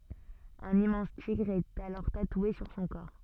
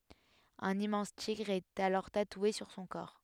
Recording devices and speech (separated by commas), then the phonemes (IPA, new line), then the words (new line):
soft in-ear microphone, headset microphone, read sentence
œ̃n immɑ̃s tiɡʁ ɛt alɔʁ tatwe syʁ sɔ̃ kɔʁ
Un immense tigre est alors tatoué sur son corps.